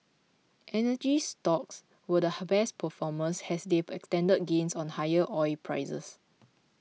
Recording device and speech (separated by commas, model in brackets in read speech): mobile phone (iPhone 6), read sentence